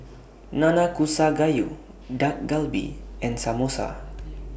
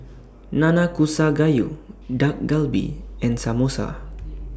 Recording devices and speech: boundary microphone (BM630), standing microphone (AKG C214), read sentence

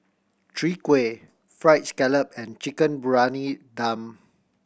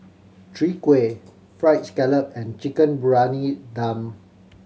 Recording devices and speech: boundary microphone (BM630), mobile phone (Samsung C7100), read sentence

